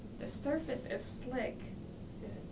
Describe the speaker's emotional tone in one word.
neutral